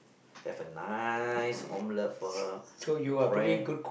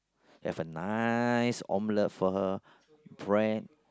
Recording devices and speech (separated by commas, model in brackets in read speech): boundary microphone, close-talking microphone, conversation in the same room